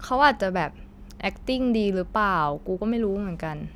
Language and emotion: Thai, neutral